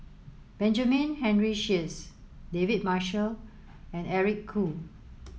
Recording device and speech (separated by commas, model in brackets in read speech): mobile phone (Samsung S8), read sentence